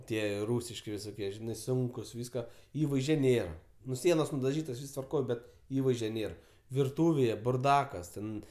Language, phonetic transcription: Lithuanian, ˈtie ˈrūsiški visoˈkie žiˈnai ˈsunkus ˈvyska ˈįvaizdže ˈnėra ˈnu ˈsienos nudaˈžytos ˈvys tvarˈkoj ˈbet ˈįvaizdžio ˈnėr virˈtūvėje burˈdakas ˈten

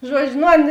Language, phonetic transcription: Lithuanian, ˈžuodžiu ˈnu ˈan

